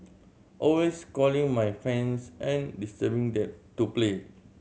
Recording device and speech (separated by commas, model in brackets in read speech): mobile phone (Samsung C7100), read sentence